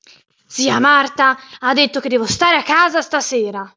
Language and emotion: Italian, angry